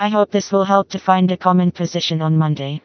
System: TTS, vocoder